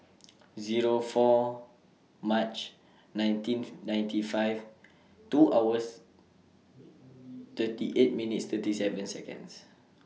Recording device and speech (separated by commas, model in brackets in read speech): mobile phone (iPhone 6), read sentence